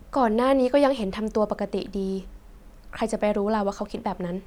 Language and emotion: Thai, neutral